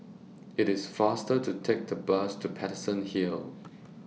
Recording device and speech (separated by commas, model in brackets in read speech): mobile phone (iPhone 6), read sentence